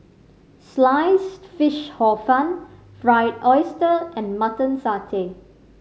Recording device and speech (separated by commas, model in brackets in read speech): mobile phone (Samsung C5010), read sentence